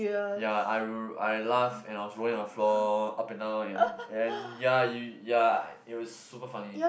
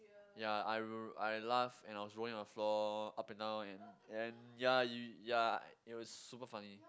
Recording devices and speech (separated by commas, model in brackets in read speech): boundary microphone, close-talking microphone, conversation in the same room